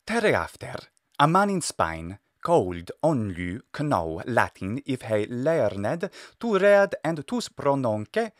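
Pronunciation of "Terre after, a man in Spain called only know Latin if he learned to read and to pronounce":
The English sentence is spoken with the phonology of classical Latin.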